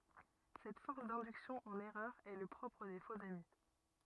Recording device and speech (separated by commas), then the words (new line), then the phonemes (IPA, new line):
rigid in-ear microphone, read sentence
Cette force d'induction en erreur est le propre des faux-amis.
sɛt fɔʁs dɛ̃dyksjɔ̃ ɑ̃n ɛʁœʁ ɛ lə pʁɔpʁ de foksami